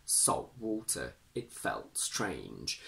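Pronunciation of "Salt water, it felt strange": In 'salt water' and 'felt strange', the t is not fully pronounced; a glottal stop is used in its place.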